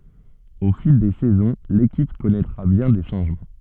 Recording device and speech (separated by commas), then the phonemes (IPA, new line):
soft in-ear microphone, read sentence
o fil de sɛzɔ̃ lekip kɔnɛtʁa bjɛ̃ de ʃɑ̃ʒmɑ̃